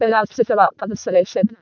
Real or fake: fake